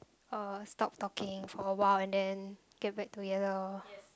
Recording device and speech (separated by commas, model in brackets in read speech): close-talking microphone, conversation in the same room